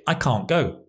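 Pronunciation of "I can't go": In 'I can't go', the t sound in 'can't' is dropped.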